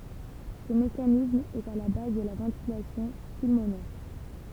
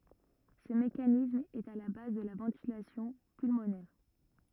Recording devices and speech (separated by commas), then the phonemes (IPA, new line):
temple vibration pickup, rigid in-ear microphone, read sentence
sə mekanism ɛt a la baz də la vɑ̃tilasjɔ̃ pylmonɛʁ